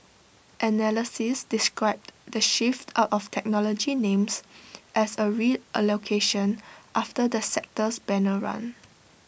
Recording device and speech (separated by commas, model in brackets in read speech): boundary microphone (BM630), read sentence